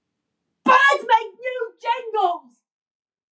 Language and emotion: English, angry